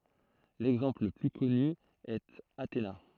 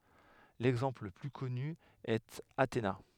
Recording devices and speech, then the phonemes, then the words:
throat microphone, headset microphone, read sentence
lɛɡzɑ̃pl lə ply kɔny ɛt atena
L'exemple le plus connu est Athéna.

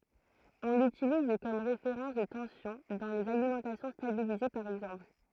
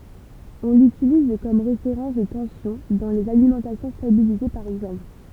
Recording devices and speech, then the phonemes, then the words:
throat microphone, temple vibration pickup, read sentence
ɔ̃ lytiliz kɔm ʁefeʁɑ̃s də tɑ̃sjɔ̃ dɑ̃ lez alimɑ̃tasjɔ̃ stabilize paʁ ɛɡzɑ̃pl
On l'utilise comme référence de tension dans les alimentations stabilisées par exemple.

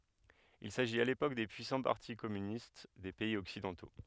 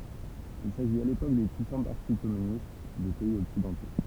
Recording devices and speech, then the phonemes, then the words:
headset microphone, temple vibration pickup, read sentence
il saʒit a lepok de pyisɑ̃ paʁti kɔmynist de pɛiz ɔksidɑ̃to
Il s’agit à l’époque des puissants partis communistes des pays occidentaux.

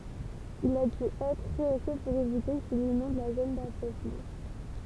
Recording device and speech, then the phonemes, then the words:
temple vibration pickup, read sentence
il a dy ɛtʁ ʁəose puʁ evite kil inɔ̃d la zon dafɛsmɑ̃
Il a dû être rehaussé pour éviter qu'il inonde la zone d'affaissement.

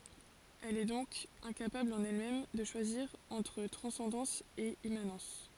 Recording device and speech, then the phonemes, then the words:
forehead accelerometer, read sentence
ɛl ɛ dɔ̃k ɛ̃kapabl ɑ̃n ɛlmɛm də ʃwaziʁ ɑ̃tʁ tʁɑ̃sɑ̃dɑ̃s e immanɑ̃s
Elle est donc incapable en elle-même de choisir entre transcendance et immanence...

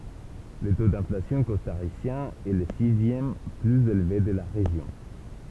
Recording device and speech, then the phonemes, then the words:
temple vibration pickup, read sentence
lə to dɛ̃flasjɔ̃ kɔstaʁisjɛ̃ ɛ lə sizjɛm plyz elve də la ʁeʒjɔ̃
Le taux d'inflation costaricien est le sixième plus élevé de la région.

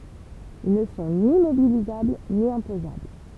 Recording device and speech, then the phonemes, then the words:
temple vibration pickup, read sentence
il nə sɔ̃ ni mobilizabl ni ɛ̃pozabl
Ils ne sont ni mobilisables ni imposables.

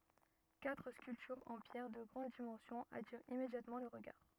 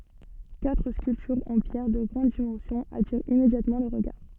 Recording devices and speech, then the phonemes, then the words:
rigid in-ear microphone, soft in-ear microphone, read sentence
katʁ skyltyʁz ɑ̃ pjɛʁ də ɡʁɑ̃d dimɑ̃sjɔ̃z atiʁt immedjatmɑ̃ lə ʁəɡaʁ
Quatre sculptures en pierre de grandes dimensions attirent immédiatement le regard.

